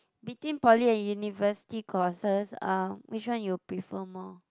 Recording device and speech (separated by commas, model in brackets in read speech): close-talking microphone, conversation in the same room